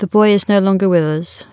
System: none